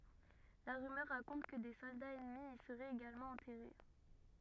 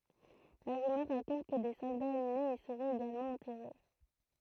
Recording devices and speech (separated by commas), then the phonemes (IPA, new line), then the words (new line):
rigid in-ear microphone, throat microphone, read sentence
la ʁymœʁ ʁakɔ̃t kə de sɔldaz ɛnmi i səʁɛt eɡalmɑ̃ ɑ̃tɛʁe
La rumeur raconte que des soldats ennemis y seraient également enterrés.